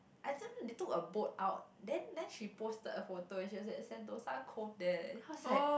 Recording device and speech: boundary microphone, conversation in the same room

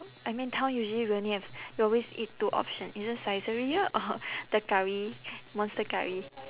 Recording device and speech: telephone, conversation in separate rooms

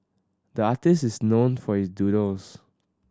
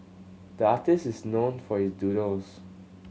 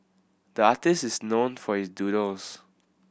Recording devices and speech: standing microphone (AKG C214), mobile phone (Samsung C7100), boundary microphone (BM630), read sentence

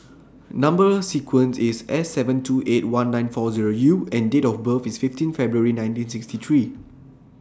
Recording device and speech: standing microphone (AKG C214), read sentence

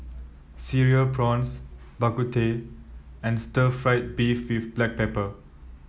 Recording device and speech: mobile phone (iPhone 7), read sentence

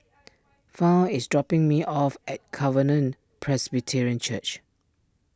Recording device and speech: standing microphone (AKG C214), read sentence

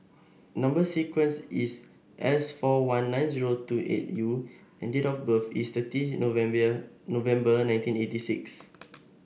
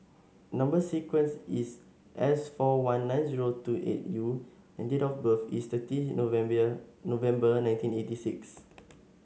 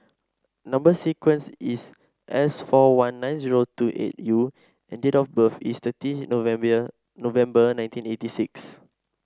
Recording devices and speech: boundary microphone (BM630), mobile phone (Samsung S8), standing microphone (AKG C214), read sentence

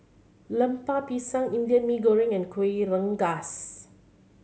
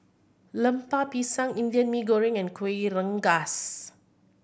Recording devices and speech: mobile phone (Samsung C7100), boundary microphone (BM630), read sentence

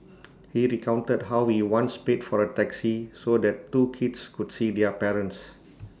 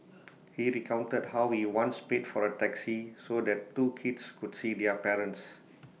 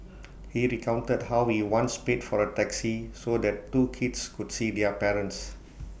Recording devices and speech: standing microphone (AKG C214), mobile phone (iPhone 6), boundary microphone (BM630), read sentence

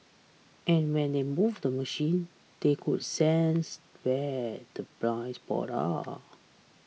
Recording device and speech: mobile phone (iPhone 6), read sentence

